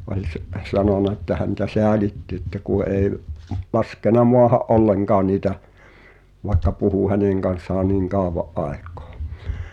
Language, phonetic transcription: Finnish, oĺ s- , 'sanona ᵉttä häntä "seälitti ‿ᵉ̭ttä ku ’èi̬ , 'laskena "moaha’ '’olleŋkaan niitä , vaĕkka puhù "häneŋ kan̬ssaa nìŋ "kàov̆va’ '’aek̀ᴏᴏ .
- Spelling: oli - sanonut että häntä säälitti että kun ei laskenut maahan ollenkaan niitä vaikka puhui hänen kanssaan niin kauan aikaa

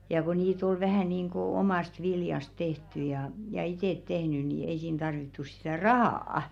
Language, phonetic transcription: Finnish, ja ko niit 'ol "vähä̀ niiŋkò̭ , "omàst viljast 'teht̀y ja , ja 'itèt tehny ni ei siin 'tarvittu sitä̀ "rahaa₍a .
- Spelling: ja kun niitä oli vähän niin kuin omasta viljasta tehty ja ja itse tehnyt niin ei siinä tarvittu sitä rahaa

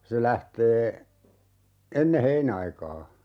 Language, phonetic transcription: Finnish, se 'lähtee , "enne 'heinaikaa .
- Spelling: se lähtee ennen heinäaikaa

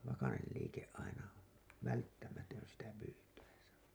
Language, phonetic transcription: Finnish, vakanel liike’ ’aina , 'välttämätön sitä 'pyytäisä .
- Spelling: vakainen liike aina välttämätön sitä pyytäessä

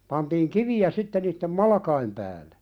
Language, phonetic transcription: Finnish, pantiiŋ "kivi₍ä 'sitte niittem "malakaim pääle .
- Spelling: pantiin kiviä sitten niiden malkojen päälle

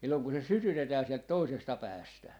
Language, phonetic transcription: Finnish, silloŋ ku se "sytytetää siɛlt 'toisesta "päästä .
- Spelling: silloin kun se sytytetään sieltä toisesta päästä

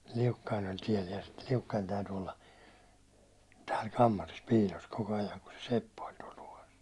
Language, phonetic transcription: Finnish, 'Liukkain ‿oĺ "tiel ja ste , Liukkain̬ täyty olla , tääl 'kammaris 'piilos koko ajaŋ ku se 'seppä oĺ tuål tuvas .
- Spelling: Liukkanen oli tiellä ja sitten Liukkanen täytyi olla täällä kammarissa piilossa koko ajan kun se seppä oli tuolla tuvassa

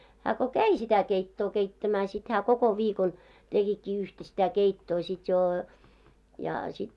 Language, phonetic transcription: Finnish, hä ko "käi sitä 'keittoo 'keittämää sit hää 'koko 'viikon , tekikkii 'yhtä sitä 'keittoo sit joo , ja sit ,.
- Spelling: hän kun kävi sitä keittoa keittämään sitten hän koko viikon tekikin yhtä sitä keittoa sitten jo ja sitten

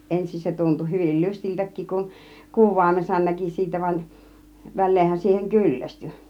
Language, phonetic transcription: Finnish, 'ensin se tuntu 'hyvil 'lystiltäk̆kik kun , "kuv̆vàimesan 'näki siitä van , 'väl̆leenhän siiheŋ "kyllästy .
- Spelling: ensin se tuntui hyvin lystiltäkin kun kuvaimensa näki siitä vaan väleenhän siihen kyllästyi

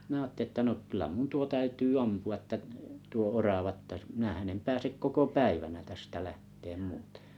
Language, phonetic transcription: Finnish, mⁱnä̀ aatte1ⁱ ‿tta nokyl̆lä mun 'tuo 'täytyy "ampu₍a ᵉttä 'tuo "orava ‿tta , minähän em 'pääsek 'koko "päivänä tästä "lähteem "muutᴇ .
- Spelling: minä ajattelin jotta no kyllä minun tuo täytyy ampua että tuo orava jotta minähän en pääse koko päivänä tästä lähtemään muuten

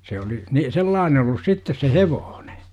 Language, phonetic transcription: Finnish, se oli , ni "sellaane ollus 'sittes se "hevooNE .
- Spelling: se oli niin sellainen ollut sitten se hevonen

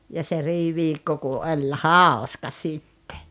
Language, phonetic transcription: Finnish, ja se "riiviikko ku 'oĺ "hàoska 'sitte .
- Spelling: ja se riiviikko kun oli hauska sitten

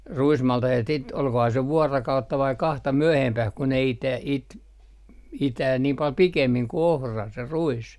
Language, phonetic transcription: Finnish, "ruismaltahet sit , olkohaa se 'vuarakautta vai 'kahta "myöhempäh ku ne ite , it , 'itää niim pal "pikemmiŋ ku 'ohra , se 'ruis .
- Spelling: ruismaltaset sitten olikohan se vuorokautta vai kahta myöhempään kun ne - - itää niin paljon pikemmin kuin ohra se ruis

